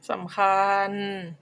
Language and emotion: Thai, frustrated